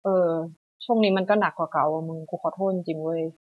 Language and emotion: Thai, sad